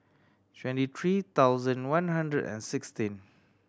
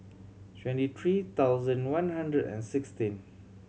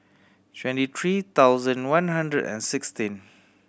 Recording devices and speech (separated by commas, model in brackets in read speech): standing microphone (AKG C214), mobile phone (Samsung C7100), boundary microphone (BM630), read sentence